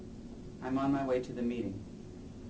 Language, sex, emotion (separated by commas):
English, male, neutral